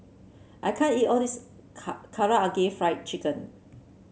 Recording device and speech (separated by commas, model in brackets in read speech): mobile phone (Samsung C7), read sentence